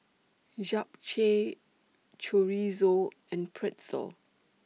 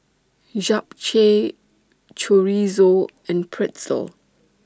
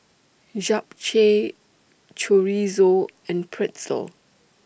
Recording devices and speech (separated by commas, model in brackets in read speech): mobile phone (iPhone 6), standing microphone (AKG C214), boundary microphone (BM630), read sentence